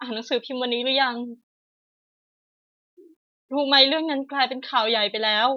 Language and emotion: Thai, sad